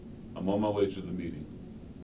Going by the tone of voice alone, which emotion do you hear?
neutral